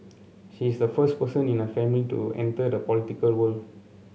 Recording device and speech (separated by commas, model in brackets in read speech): mobile phone (Samsung C7), read sentence